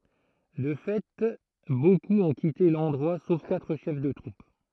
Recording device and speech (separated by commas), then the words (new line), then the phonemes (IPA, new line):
throat microphone, read sentence
De fait beaucoup ont quitté l'endroit sauf quatre chefs de troupe.
də fɛ bokup ɔ̃ kite lɑ̃dʁwa sof katʁ ʃɛf də tʁup